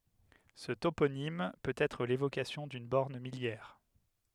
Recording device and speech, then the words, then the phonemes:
headset microphone, read sentence
Ce toponyme peut être l'évocation d'une borne milliaire.
sə toponim pøt ɛtʁ levokasjɔ̃ dyn bɔʁn miljɛʁ

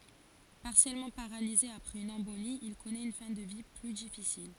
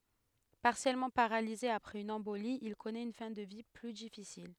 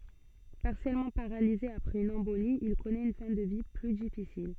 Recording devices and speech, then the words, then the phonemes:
forehead accelerometer, headset microphone, soft in-ear microphone, read sentence
Partiellement paralysé après une embolie, il connaît une fin de vie plus difficile.
paʁsjɛlmɑ̃ paʁalize apʁɛz yn ɑ̃boli il kɔnɛt yn fɛ̃ də vi ply difisil

